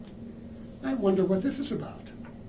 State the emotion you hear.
neutral